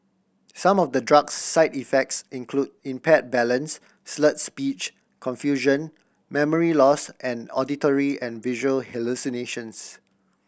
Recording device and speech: boundary microphone (BM630), read sentence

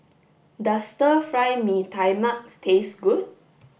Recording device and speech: boundary microphone (BM630), read sentence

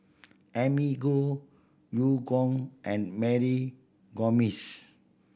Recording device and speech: boundary microphone (BM630), read sentence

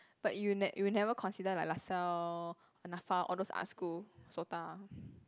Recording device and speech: close-talking microphone, conversation in the same room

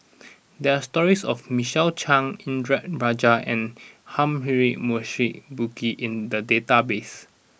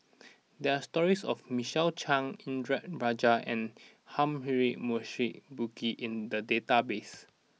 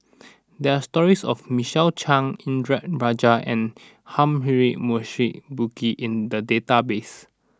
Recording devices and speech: boundary microphone (BM630), mobile phone (iPhone 6), standing microphone (AKG C214), read sentence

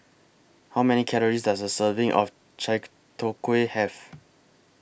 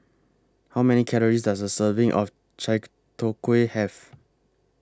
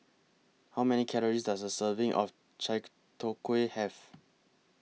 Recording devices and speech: boundary microphone (BM630), close-talking microphone (WH20), mobile phone (iPhone 6), read sentence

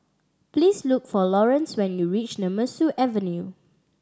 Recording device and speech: standing microphone (AKG C214), read sentence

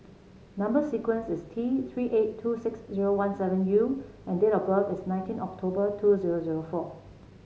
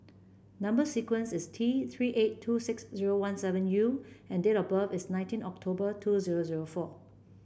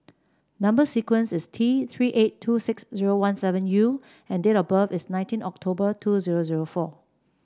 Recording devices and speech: mobile phone (Samsung C7), boundary microphone (BM630), standing microphone (AKG C214), read sentence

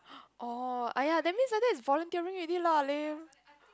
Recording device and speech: close-talking microphone, conversation in the same room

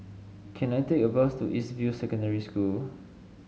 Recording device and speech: mobile phone (Samsung S8), read sentence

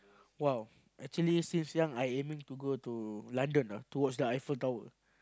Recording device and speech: close-talking microphone, conversation in the same room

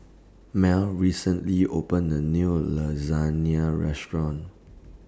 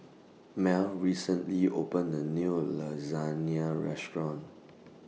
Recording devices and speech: standing microphone (AKG C214), mobile phone (iPhone 6), read sentence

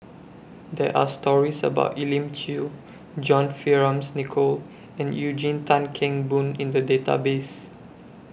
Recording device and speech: boundary microphone (BM630), read sentence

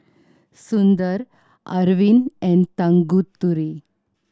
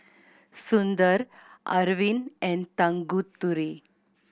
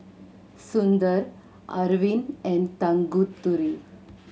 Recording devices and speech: standing microphone (AKG C214), boundary microphone (BM630), mobile phone (Samsung C7100), read sentence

